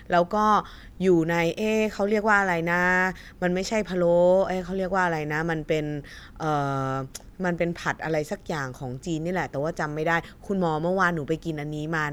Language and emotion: Thai, neutral